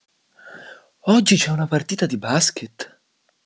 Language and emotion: Italian, surprised